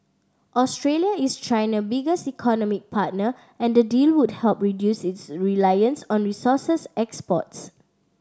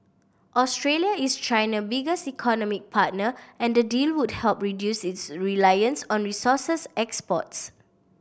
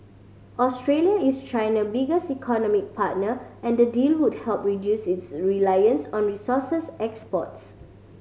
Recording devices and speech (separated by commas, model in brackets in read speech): standing microphone (AKG C214), boundary microphone (BM630), mobile phone (Samsung C5010), read sentence